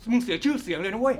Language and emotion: Thai, angry